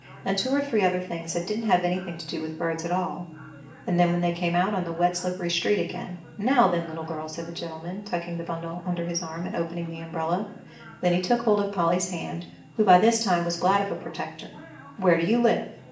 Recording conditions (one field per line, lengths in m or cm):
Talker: one person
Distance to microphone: 1.8 m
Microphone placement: close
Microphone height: 1.0 m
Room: large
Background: television